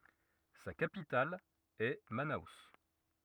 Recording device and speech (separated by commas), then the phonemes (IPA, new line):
rigid in-ear microphone, read sentence
sa kapital ɛ mano